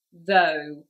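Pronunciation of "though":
'Though' is pronounced correctly here, not as 'thou-gaha' the way the spelling might suggest.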